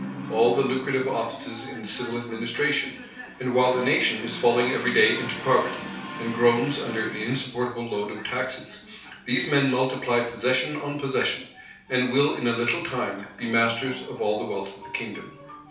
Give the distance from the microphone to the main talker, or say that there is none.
3.0 m.